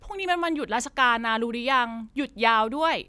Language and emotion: Thai, happy